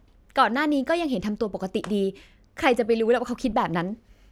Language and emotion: Thai, frustrated